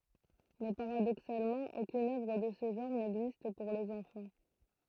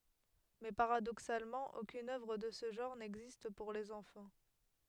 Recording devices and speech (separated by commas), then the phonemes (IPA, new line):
throat microphone, headset microphone, read sentence
mɛ paʁadoksalmɑ̃ okyn œvʁ də sə ʒɑ̃ʁ nɛɡzist puʁ lez ɑ̃fɑ̃